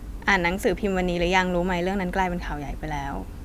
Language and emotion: Thai, neutral